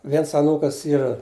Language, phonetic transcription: Lithuanian, ˈviens aˈnūkas ˈyra

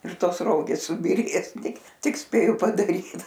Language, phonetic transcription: Lithuanian, ir ˈtos ˈrogės subyˈrės ˈtik ˈtik ˈspėju padaˈryt

